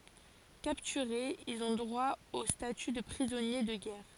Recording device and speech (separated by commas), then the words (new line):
forehead accelerometer, read sentence
Capturés, ils ont droit au statut de prisonnier de guerre.